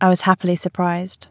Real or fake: real